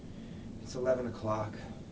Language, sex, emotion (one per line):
English
male
sad